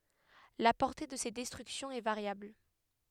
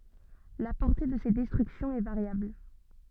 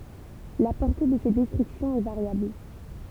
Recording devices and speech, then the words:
headset microphone, soft in-ear microphone, temple vibration pickup, read sentence
La portée de ces destructions est variable.

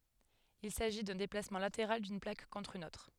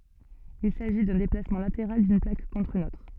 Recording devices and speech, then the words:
headset microphone, soft in-ear microphone, read sentence
Il s'agit d'un déplacement latéral d'une plaque contre une autre.

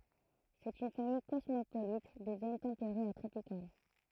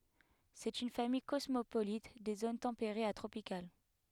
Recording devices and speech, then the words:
throat microphone, headset microphone, read sentence
C'est une famille cosmopolite des zones tempérées à tropicales.

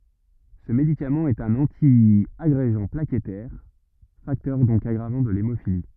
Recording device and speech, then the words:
rigid in-ear microphone, read sentence
Ce médicament est un antiagrégant plaquettaire, facteur donc aggravant de l'hémophilie.

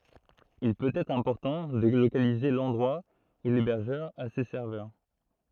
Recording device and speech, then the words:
throat microphone, read sentence
Il peut être important de localiser l'endroit où l'hébergeur a ses serveurs.

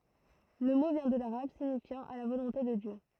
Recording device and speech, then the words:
throat microphone, read sentence
Le mot vient de l'arabe, signifiant à la volonté de Dieu.

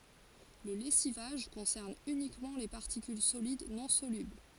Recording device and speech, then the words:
forehead accelerometer, read sentence
Le lessivage concerne uniquement les particules solides non solubles.

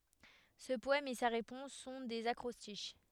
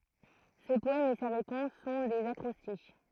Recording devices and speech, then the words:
headset microphone, throat microphone, read sentence
Ce poème et sa réponse sont des acrostiches.

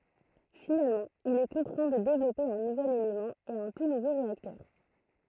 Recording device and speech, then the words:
throat microphone, read sentence
Finalement, il est contraint de développer un nouvel élément et un tout nouveau réacteur.

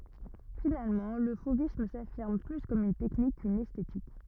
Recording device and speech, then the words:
rigid in-ear microphone, read sentence
Finalement, le fauvisme s'affirme plus comme une technique qu'une esthétique.

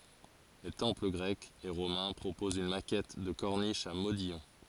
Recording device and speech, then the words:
forehead accelerometer, read sentence
Les temples grecs et romains proposent une maquette de corniche à modillons.

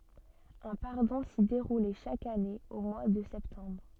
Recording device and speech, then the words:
soft in-ear microphone, read sentence
Un pardon s'y déroulait chaque année au mois de septembre.

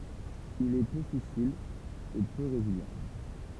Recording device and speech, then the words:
temple vibration pickup, read sentence
Il est peu fissile et peu résilient.

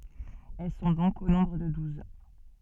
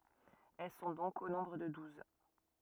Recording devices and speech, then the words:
soft in-ear microphone, rigid in-ear microphone, read sentence
Elles sont donc au nombre de douze.

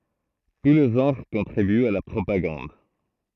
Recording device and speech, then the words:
throat microphone, read sentence
Tous les genres contribuent à la propagande.

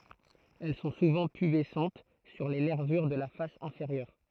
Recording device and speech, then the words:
throat microphone, read sentence
Elles sont souvent pubescentes sur les nervures de la face inférieure.

